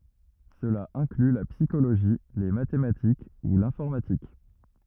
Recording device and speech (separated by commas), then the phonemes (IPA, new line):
rigid in-ear microphone, read sentence
səla ɛ̃kly la psikoloʒi le matematik u lɛ̃fɔʁmatik